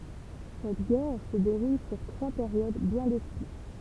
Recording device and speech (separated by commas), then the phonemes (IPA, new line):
temple vibration pickup, read sentence
sɛt ɡɛʁ sə deʁul syʁ tʁwa peʁjod bjɛ̃ defini